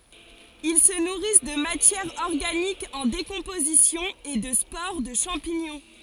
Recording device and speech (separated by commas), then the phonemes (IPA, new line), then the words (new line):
forehead accelerometer, read sentence
il sə nuʁis də matjɛʁ ɔʁɡanik ɑ̃ dekɔ̃pozisjɔ̃ e də spoʁ də ʃɑ̃piɲɔ̃
Ils se nourrissent de matière organique en décomposition et de spores de champignons.